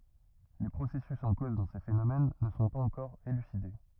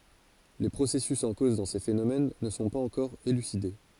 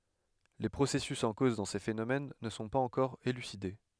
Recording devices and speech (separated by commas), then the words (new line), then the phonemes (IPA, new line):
rigid in-ear microphone, forehead accelerometer, headset microphone, read sentence
Les processus en cause dans ces phénomènes ne sont pas encore élucidés.
le pʁosɛsys ɑ̃ koz dɑ̃ se fenomɛn nə sɔ̃ paz ɑ̃kɔʁ elyside